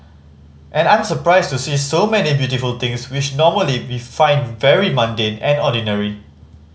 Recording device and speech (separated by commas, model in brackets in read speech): mobile phone (Samsung C5010), read sentence